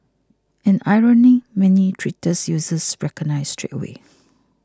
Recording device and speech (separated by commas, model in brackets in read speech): close-talking microphone (WH20), read sentence